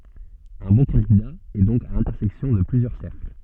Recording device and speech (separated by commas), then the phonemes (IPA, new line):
soft in-ear microphone, read sentence
œ̃ bɔ̃ kɑ̃dida ɛ dɔ̃k a lɛ̃tɛʁsɛksjɔ̃ də plyzjœʁ sɛʁkl